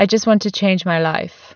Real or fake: real